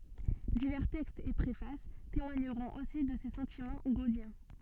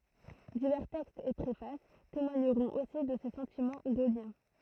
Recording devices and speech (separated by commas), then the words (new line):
soft in-ear microphone, throat microphone, read sentence
Divers textes et préfaces témoigneront aussi de ses sentiments gaulliens.